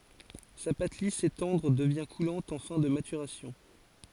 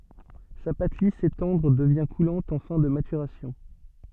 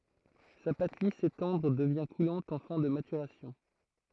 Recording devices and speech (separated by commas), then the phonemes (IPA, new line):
forehead accelerometer, soft in-ear microphone, throat microphone, read sentence
sa pat lis e tɑ̃dʁ dəvjɛ̃ kulɑ̃t ɑ̃ fɛ̃ də matyʁasjɔ̃